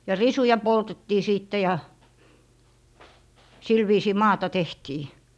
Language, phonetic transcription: Finnish, ja 'risuja "poltettii 'sìtte ja , 'sil 'viisii "maata 'tehtii .
- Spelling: ja risuja poltettiin sitten ja sillä viisiin maata tehtiin

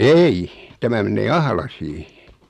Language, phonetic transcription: Finnish, 'eih , 'tämä men̆nee "Ahlasii .
- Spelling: ei tämä menee Ahlaisiin

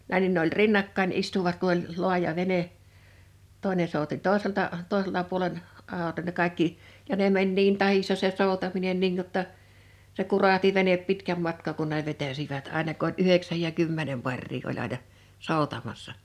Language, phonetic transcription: Finnish, nä̰i nin ne ‿oĺ "rinnakkain 'istuvat ku ‿ol , 'lo̭aja 'vene , tòi̬ne souti 'tòeselta’ , 'tòeselta’ puolen , 'ào- ne 'kaikki , ja ne 'meń niin 'tahissa se 'sòutaminen niin (jo)tta , se 'kurahti 'venep 'pitkäm matkà̳ kun ne 'vetäsivät àena k ‿oĺ "yheksäj ja 'kymmenem 'paŕrii oĺ aina , "sòutamassa .
- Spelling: näin niin ne oli rinnakkain istuivat kun oli laaja vene toinen souti toiselta toiselta puolen - ne kaikki ja ne meni niin tahdissa se soutaminen niin jotta se kurahti vene pitkän matkaa kun ne vetäisivät aina kun oli yhdeksän ja kymmenen paria oli aina soutamassa

